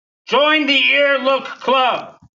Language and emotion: English, disgusted